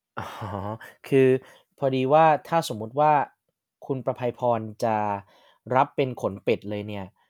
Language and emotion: Thai, neutral